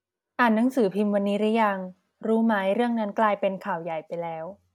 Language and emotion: Thai, neutral